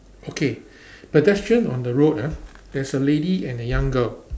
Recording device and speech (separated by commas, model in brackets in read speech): standing microphone, conversation in separate rooms